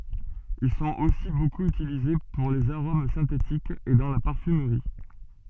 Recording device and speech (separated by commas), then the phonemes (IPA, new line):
soft in-ear microphone, read sentence
il sɔ̃t osi bokup ytilize puʁ lez aʁom sɛ̃tetikz e dɑ̃ la paʁfymʁi